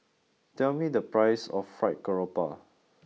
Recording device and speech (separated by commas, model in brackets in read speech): mobile phone (iPhone 6), read sentence